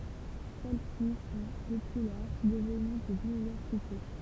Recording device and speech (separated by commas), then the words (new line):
temple vibration pickup, read sentence
Celles-ci sont, depuis lors, devenues des universités.